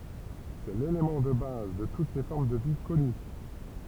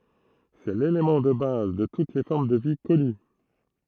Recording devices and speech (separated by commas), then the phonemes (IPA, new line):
temple vibration pickup, throat microphone, read sentence
sɛ lelemɑ̃ də baz də tut le fɔʁm də vi kɔny